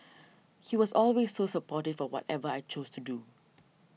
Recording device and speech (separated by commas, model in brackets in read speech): mobile phone (iPhone 6), read sentence